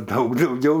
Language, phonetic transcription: Lithuanian, ˈdaug dauˈgiau

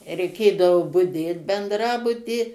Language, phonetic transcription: Lithuanian, reiˈkėdavo buˈdėt bendˈrabuty

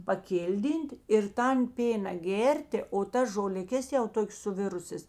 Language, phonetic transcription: Lithuanian, paˈkilˌdyn't' ir ˈtan ˈpėna ˈgėrtė o ˈtas žoliˈkes jau ˈtokės suˈvirusės

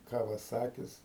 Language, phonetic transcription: Lithuanian, ˌkavaˈsakis

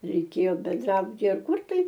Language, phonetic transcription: Lithuanian, reiˈkėjo benˈdrabutyje ar ˈkur tai

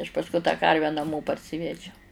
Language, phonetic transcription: Lithuanian, aš pasˈkui tą ˈkarvę naˈmo parˈsivedžiau

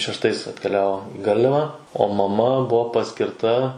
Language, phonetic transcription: Lithuanian, šeštˈais atkeˈliavo i ˈgarliava o maˈma ˈbuo paskirˈta

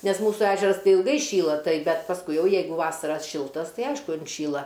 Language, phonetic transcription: Lithuanian, nes ˈmūsų ˈežeras ˈtai ilˈgai ˈšyla ˈtai ˈbet pasˈkui ˈjau ˈjeigu ˈvasara ˈšiltas ˈtai ˈaišku inˈšyla

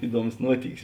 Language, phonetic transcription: Lithuanian, ˈiˌduomus ˈnuotykis

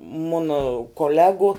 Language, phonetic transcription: Lithuanian, ˈmuna koˈlegu

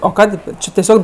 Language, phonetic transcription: Lithuanian, o ˈkadė ˈči teˈsiog

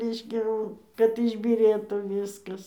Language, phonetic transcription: Lithuanian, ˈreiškia jau kad išbyˈrėtų ˈvyskas

